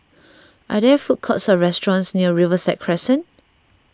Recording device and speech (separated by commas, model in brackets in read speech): standing microphone (AKG C214), read sentence